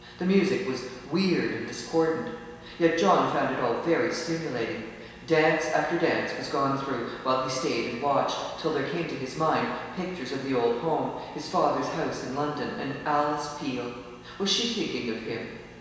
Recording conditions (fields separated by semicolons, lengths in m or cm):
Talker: one person; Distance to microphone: 1.7 m; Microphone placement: close; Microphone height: 1.0 m; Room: very reverberant, large; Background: none